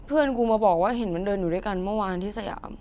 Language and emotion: Thai, frustrated